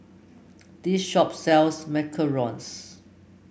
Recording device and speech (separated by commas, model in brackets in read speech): boundary microphone (BM630), read sentence